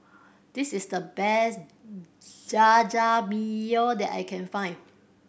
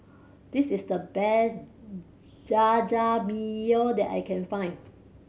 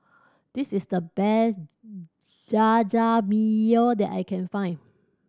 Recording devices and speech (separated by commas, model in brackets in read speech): boundary microphone (BM630), mobile phone (Samsung C7100), standing microphone (AKG C214), read sentence